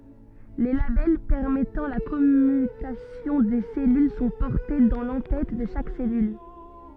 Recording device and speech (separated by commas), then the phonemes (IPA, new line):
soft in-ear microphone, read sentence
le labɛl pɛʁmɛtɑ̃ la kɔmytasjɔ̃ de sɛlyl sɔ̃ pɔʁte dɑ̃ lɑ̃ tɛt də ʃak sɛlyl